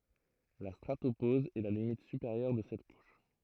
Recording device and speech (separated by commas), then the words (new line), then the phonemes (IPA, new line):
throat microphone, read sentence
La stratopause est la limite supérieure de cette couche.
la stʁatopoz ɛ la limit sypeʁjœʁ də sɛt kuʃ